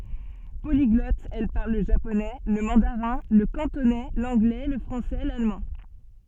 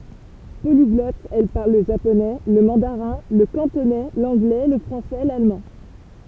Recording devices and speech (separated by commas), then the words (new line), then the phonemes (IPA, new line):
soft in-ear microphone, temple vibration pickup, read sentence
Polyglotte, elle parle le japonais, le mandarin, le cantonais, l'anglais, le français, l'allemand...
poliɡlɔt ɛl paʁl lə ʒaponɛ lə mɑ̃daʁɛ̃ lə kɑ̃tonɛ lɑ̃ɡlɛ lə fʁɑ̃sɛ lalmɑ̃